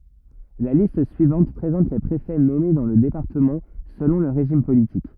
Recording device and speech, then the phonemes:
rigid in-ear microphone, read sentence
la list syivɑ̃t pʁezɑ̃t le pʁefɛ nɔme dɑ̃ lə depaʁtəmɑ̃ səlɔ̃ lə ʁeʒim politik

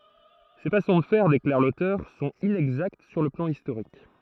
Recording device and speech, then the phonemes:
throat microphone, read sentence
se fasɔ̃ də fɛʁ deklaʁ lotœʁ sɔ̃t inɛɡzakt syʁ lə plɑ̃ istoʁik

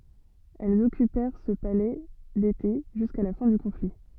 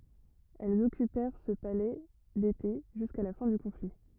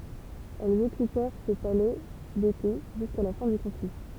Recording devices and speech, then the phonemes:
soft in-ear microphone, rigid in-ear microphone, temple vibration pickup, read sentence
ɛlz ɔkypɛʁ sə palɛ dete ʒyska la fɛ̃ dy kɔ̃fli

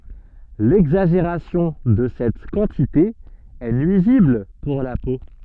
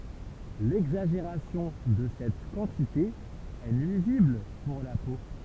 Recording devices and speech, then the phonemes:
soft in-ear microphone, temple vibration pickup, read sentence
lɛɡzaʒeʁasjɔ̃ də sɛt kɑ̃tite ɛ nyizibl puʁ la po

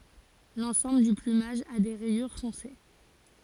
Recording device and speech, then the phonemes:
forehead accelerometer, read sentence
lɑ̃sɑ̃bl dy plymaʒ a de ʁɛjyʁ fɔ̃se

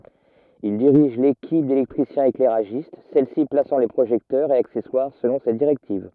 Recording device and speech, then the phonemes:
rigid in-ear microphone, read sentence
il diʁiʒ lekip delɛktʁisjɛ̃seklɛʁaʒist sɛlsi plasɑ̃ le pʁoʒɛktœʁz e aksɛswaʁ səlɔ̃ se diʁɛktiv

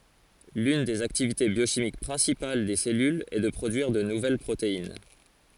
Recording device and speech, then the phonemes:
forehead accelerometer, read sentence
lyn dez aktivite bjoʃimik pʁɛ̃sipal de sɛlylz ɛ də pʁodyiʁ də nuvɛl pʁotein

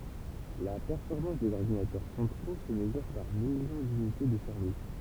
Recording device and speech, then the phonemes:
temple vibration pickup, read sentence
la pɛʁfɔʁmɑ̃s dez ɔʁdinatœʁ sɑ̃tʁo sə məzyʁ paʁ miljɔ̃ dynite də sɛʁvis

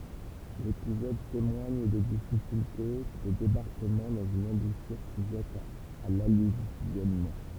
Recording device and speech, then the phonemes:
temple vibration pickup, read sentence
lepizɔd temwaɲ de difikylte də debaʁkəmɑ̃ dɑ̃z yn ɑ̃buʃyʁ syʒɛt a lalyvjɔnmɑ̃

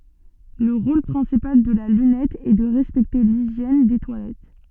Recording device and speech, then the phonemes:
soft in-ear microphone, read sentence
lə ʁol pʁɛ̃sipal də la lynɛt ɛ də ʁɛspɛkte liʒjɛn de twalɛt

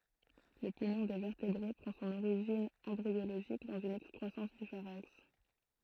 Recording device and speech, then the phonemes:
throat microphone, read sentence
lə pumɔ̃ de vɛʁtebʁe pʁɑ̃ sɔ̃n oʁiʒin ɑ̃bʁioloʒik dɑ̃z yn ɛkskʁwasɑ̃s dy faʁɛ̃ks

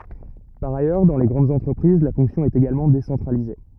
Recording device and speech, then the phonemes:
rigid in-ear microphone, read sentence
paʁ ajœʁ dɑ̃ le ɡʁɑ̃dz ɑ̃tʁəpʁiz la fɔ̃ksjɔ̃ ɛt eɡalmɑ̃ desɑ̃tʁalize

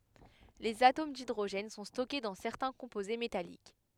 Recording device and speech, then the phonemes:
headset microphone, read sentence
lez atom didʁoʒɛn sɔ̃ stɔke dɑ̃ sɛʁtɛ̃ kɔ̃poze metalik

